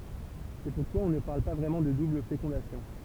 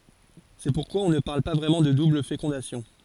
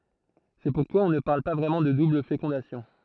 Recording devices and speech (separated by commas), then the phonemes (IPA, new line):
temple vibration pickup, forehead accelerometer, throat microphone, read sentence
sɛ puʁkwa ɔ̃ nə paʁl pa vʁɛmɑ̃ də dubl fekɔ̃dasjɔ̃